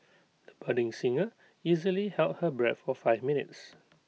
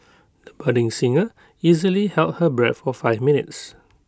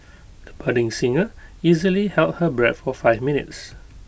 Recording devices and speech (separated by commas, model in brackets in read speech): mobile phone (iPhone 6), close-talking microphone (WH20), boundary microphone (BM630), read sentence